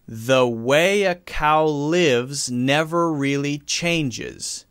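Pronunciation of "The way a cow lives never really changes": The sentence is read slowly, and the voice carries on from word to word without stopping in between. Only the k of 'cow' stops the voice for a moment before it continues.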